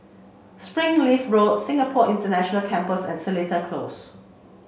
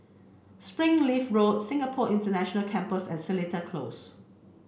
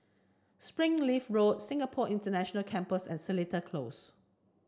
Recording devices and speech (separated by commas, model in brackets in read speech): mobile phone (Samsung C5), boundary microphone (BM630), standing microphone (AKG C214), read sentence